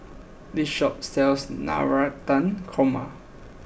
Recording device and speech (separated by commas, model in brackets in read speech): boundary microphone (BM630), read sentence